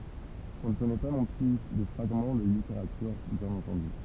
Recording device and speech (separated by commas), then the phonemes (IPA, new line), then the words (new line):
temple vibration pickup, read sentence
ɔ̃ nə kɔnɛ pa nɔ̃ ply də fʁaɡmɑ̃ də liteʁatyʁ bjɛ̃n ɑ̃tɑ̃dy
On ne connaît pas non plus de fragments de littérature, bien entendu.